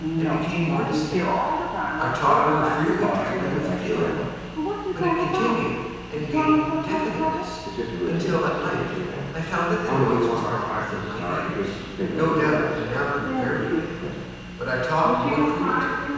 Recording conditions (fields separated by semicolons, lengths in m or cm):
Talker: one person; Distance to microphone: 7.1 m; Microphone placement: far; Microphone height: 1.7 m; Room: very reverberant, large; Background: television